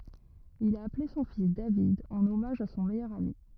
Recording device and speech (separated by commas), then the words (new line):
rigid in-ear microphone, read sentence
Il a appelé son fils David en hommage à son meilleur ami.